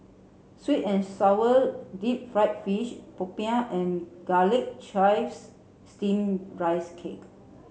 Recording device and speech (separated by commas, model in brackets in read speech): mobile phone (Samsung C7), read sentence